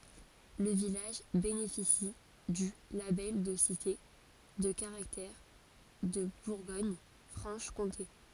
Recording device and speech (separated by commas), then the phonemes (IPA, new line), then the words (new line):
forehead accelerometer, read sentence
lə vilaʒ benefisi dy labɛl də site də kaʁaktɛʁ də buʁɡoɲfʁɑ̃ʃkɔ̃te
Le village bénéficie du label de Cité de Caractère de Bourgogne-Franche-Comté.